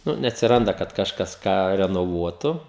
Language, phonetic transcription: Lithuanian, ˈnu neatsiˈranda kad kažˈkas ˈką renoˈvuotu

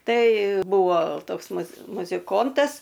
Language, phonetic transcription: Lithuanian, ˈtai ˈbūvo ˈtoks muz muziˈkontas

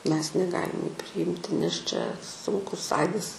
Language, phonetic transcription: Lithuanian, ˈmes neˈgalim jų priˈimti nes čia ˈsunkus ˈaidas

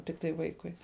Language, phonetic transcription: Lithuanian, ˈtiktai ˈvaikui

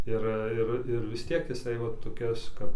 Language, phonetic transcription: Lithuanian, ˈir ˈir ˈir ˈvis ˈtiek jiˈsai ˈva toˈkias ˈkap

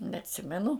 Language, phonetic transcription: Lithuanian, neatˈsimenu

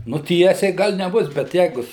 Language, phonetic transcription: Lithuanian, nu ˈtiesiai ˈgal' neˈbus bet ˈjeigu

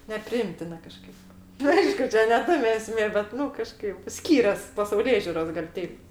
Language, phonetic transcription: Lithuanian, nepriˈimtina kaˈžkaip nu ˈaišku ˈčia ne ˈtame eˈsmė bet ˈnu kaˈžkaip ˈskyrias pasauˈlėžiuros gal' ˈteip

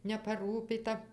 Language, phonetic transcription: Lithuanian, nepaˈrūpyta

